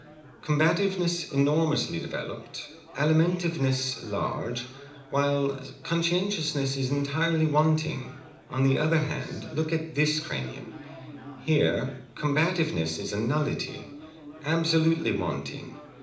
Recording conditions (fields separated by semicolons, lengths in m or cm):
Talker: one person; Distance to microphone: 2.0 m; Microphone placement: close; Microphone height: 99 cm; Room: medium-sized (5.7 m by 4.0 m); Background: babble